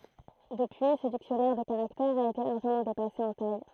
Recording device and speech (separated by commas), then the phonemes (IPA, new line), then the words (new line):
throat microphone, read sentence
dəpyi sə diksjɔnɛʁ də kaʁaktɛʁz a ete laʁʒəmɑ̃ depase ɑ̃ taj
Depuis, ce dictionnaire de caractères a été largement dépassé en taille.